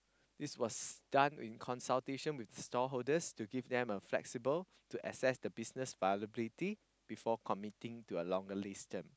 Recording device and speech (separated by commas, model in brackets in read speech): close-talking microphone, conversation in the same room